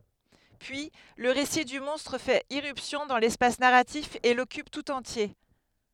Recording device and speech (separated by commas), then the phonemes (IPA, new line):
headset microphone, read sentence
pyi lə ʁesi dy mɔ̃stʁ fɛt iʁypsjɔ̃ dɑ̃ lɛspas naʁatif e lɔkyp tut ɑ̃tje